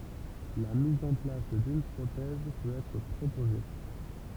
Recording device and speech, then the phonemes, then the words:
temple vibration pickup, read sentence
la miz ɑ̃ plas dyn pʁotɛz pøt ɛtʁ pʁopoze
La mise en place d'une prothèse peut être proposée.

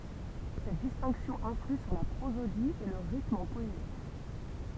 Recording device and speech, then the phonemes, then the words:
temple vibration pickup, read sentence
sɛt distɛ̃ksjɔ̃ ɛ̃fly syʁ la pʁozodi e lə ʁitm ɑ̃ pɔezi
Cette distinction influe sur la prosodie et le rythme en poésie.

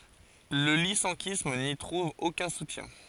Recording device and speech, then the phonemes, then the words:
forehead accelerometer, read sentence
lə lisɑ̃kism ni tʁuv okœ̃ sutjɛ̃
Le lyssenkisme n’y trouve aucun soutien.

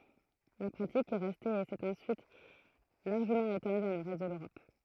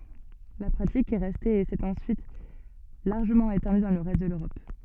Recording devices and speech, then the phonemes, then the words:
throat microphone, soft in-ear microphone, read sentence
la pʁatik ɛ ʁɛste e sɛt ɑ̃syit laʁʒəmɑ̃ etɑ̃dy dɑ̃ lə ʁɛst də løʁɔp
La pratique est restée et s'est ensuite largement étendue dans le reste de l'Europe.

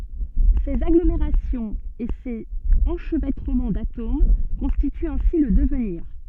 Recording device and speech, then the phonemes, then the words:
soft in-ear microphone, read sentence
sez aɡlomeʁasjɔ̃z e sez ɑ̃ʃvɛtʁəmɑ̃ datom kɔ̃stityt ɛ̃si lə dəvniʁ
Ces agglomérations et ces enchevêtrements d’atomes constituent ainsi le devenir.

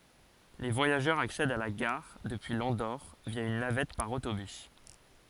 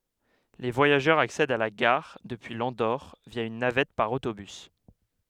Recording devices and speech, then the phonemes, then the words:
forehead accelerometer, headset microphone, read sentence
le vwajaʒœʁz aksɛdt a la ɡaʁ dəpyi lɑ̃doʁ vja yn navɛt paʁ otobys
Les voyageurs accèdent à la gare depuis l'Andorre via une navette par autobus.

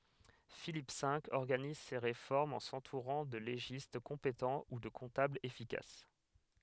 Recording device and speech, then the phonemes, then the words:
headset microphone, read sentence
filip ve ɔʁɡaniz se ʁefɔʁmz ɑ̃ sɑ̃tuʁɑ̃ də leʒist kɔ̃petɑ̃ u də kɔ̃tablz efikas
Philippe V organise ses réformes en s'entourant de légistes compétents ou de comptables efficaces.

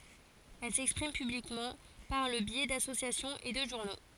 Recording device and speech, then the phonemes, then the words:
forehead accelerometer, read sentence
ɛl sɛkspʁim pyblikmɑ̃ paʁ lə bjɛ dasosjasjɔ̃z e də ʒuʁno
Elles s'expriment publiquement par le biais d’associations et de journaux.

